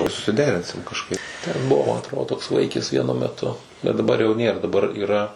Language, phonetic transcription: Lithuanian, susiˈderinsim kažˈkaip ten ˈbuvo ma atˈrodo toks ˈvaikis ˈvienu meˈtu bet daˈbar jau ˈnėr daˈbar yˈra

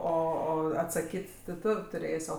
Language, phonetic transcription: Lithuanian, ˈo ˈo atsaˈkyt' ti ˈtu tuˈrės' ˈo

